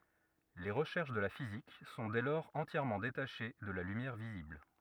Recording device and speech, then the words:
rigid in-ear microphone, read sentence
Les recherches de la physique sont dès lors entièrement détachées de la lumière visible.

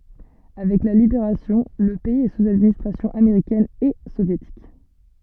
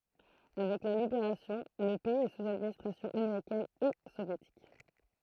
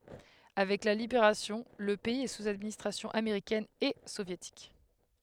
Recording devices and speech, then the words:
soft in-ear microphone, throat microphone, headset microphone, read sentence
Avec la Libération, le pays est sous administration américaine et soviétique.

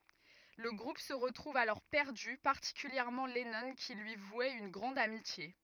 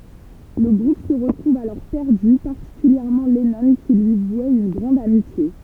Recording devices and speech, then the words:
rigid in-ear microphone, temple vibration pickup, read sentence
Le groupe se retrouve alors perdu, particulièrement Lennon qui lui vouait une grande amitié.

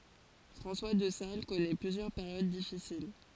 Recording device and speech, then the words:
forehead accelerometer, read sentence
François de Sales connaît plusieurs périodes difficiles.

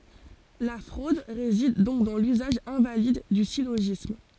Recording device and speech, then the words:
forehead accelerometer, read sentence
La fraude réside donc dans l'usage invalide du syllogisme.

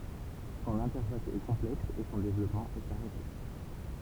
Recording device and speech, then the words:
temple vibration pickup, read sentence
Son interface est complexe et son développement est arrêté.

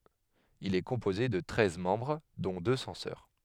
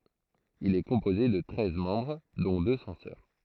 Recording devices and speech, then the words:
headset microphone, throat microphone, read sentence
Il est composé de treize membres dont deux censeurs.

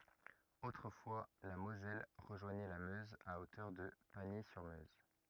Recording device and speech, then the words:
rigid in-ear microphone, read sentence
Autrefois, la Moselle rejoignait la Meuse à hauteur de Pagny-sur-Meuse.

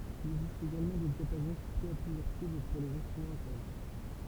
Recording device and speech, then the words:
temple vibration pickup, read sentence
Il existe également des diapasons soufflés à plusieurs tubes, pour les instruments à cordes.

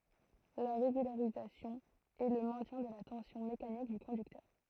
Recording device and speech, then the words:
throat microphone, read sentence
La régularisation est le maintien de la tension mécanique du conducteur.

